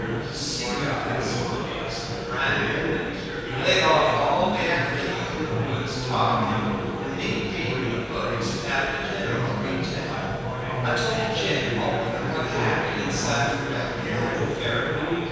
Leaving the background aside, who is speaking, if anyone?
One person.